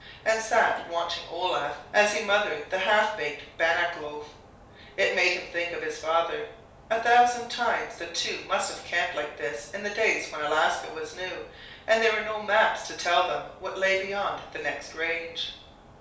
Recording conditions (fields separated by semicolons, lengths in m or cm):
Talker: one person; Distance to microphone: 3.0 m; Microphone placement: far; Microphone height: 1.8 m; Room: small (3.7 m by 2.7 m); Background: none